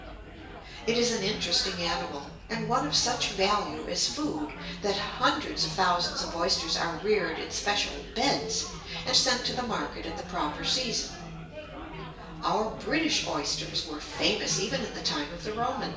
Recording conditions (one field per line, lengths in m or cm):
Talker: one person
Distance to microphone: 1.8 m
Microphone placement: close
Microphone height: 1.0 m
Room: large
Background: babble